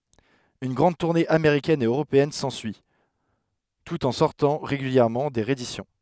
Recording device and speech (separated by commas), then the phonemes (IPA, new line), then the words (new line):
headset microphone, read sentence
yn ɡʁɑ̃d tuʁne ameʁikɛn e øʁopeɛn sɑ̃syi tut ɑ̃ sɔʁtɑ̃ ʁeɡyljɛʁmɑ̃ de ʁeedisjɔ̃
Une grande tournée américaine et européenne s'ensuit, tout en sortant régulièrement des rééditions.